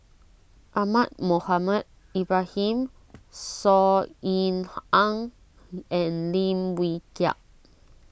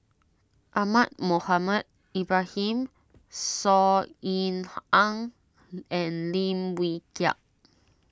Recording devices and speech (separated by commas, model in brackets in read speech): boundary microphone (BM630), standing microphone (AKG C214), read sentence